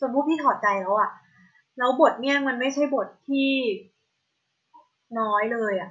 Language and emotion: Thai, frustrated